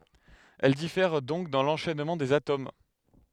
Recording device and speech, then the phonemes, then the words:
headset microphone, read sentence
ɛl difɛʁ dɔ̃k dɑ̃ lɑ̃ʃɛnmɑ̃ dez atom
Elles diffèrent donc dans l'enchaînement des atomes.

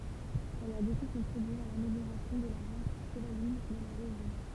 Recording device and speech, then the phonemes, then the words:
temple vibration pickup, read sentence
ɛl a boku kɔ̃tʁibye a lameljoʁasjɔ̃ də la ʁas ʃəvalin dɑ̃ la ʁeʒjɔ̃
Elle a beaucoup contribué à l'amélioration de la race chevaline dans la région.

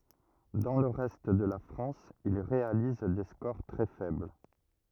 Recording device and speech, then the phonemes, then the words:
rigid in-ear microphone, read sentence
dɑ̃ lə ʁɛst də la fʁɑ̃s il ʁealiz de skoʁ tʁɛ fɛbl
Dans le reste de la France, il réalise des scores très faibles.

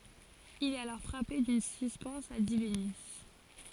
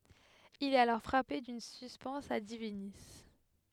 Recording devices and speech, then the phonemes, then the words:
forehead accelerometer, headset microphone, read sentence
il ɛt alɔʁ fʁape dyn syspɛns a divini
Il est alors frappé d'une suspense a divinis.

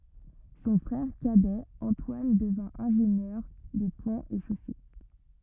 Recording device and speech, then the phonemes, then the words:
rigid in-ear microphone, read sentence
sɔ̃ fʁɛʁ kadɛ ɑ̃twan dəvɛ̃ ɛ̃ʒenjœʁ de pɔ̃z e ʃose
Son frère cadet Antoine devint ingénieur des ponts et chaussées.

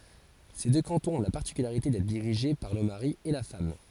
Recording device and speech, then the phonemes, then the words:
forehead accelerometer, read sentence
se dø kɑ̃tɔ̃z ɔ̃ la paʁtikylaʁite dɛtʁ diʁiʒe paʁ lə maʁi e la fam
Ces deux cantons ont la particularité d'être dirigés par le mari et la femme.

